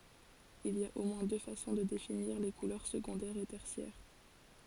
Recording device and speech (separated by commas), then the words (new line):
forehead accelerometer, read sentence
Il y a au moins deux façons de définir les couleurs secondaires et tertiaires.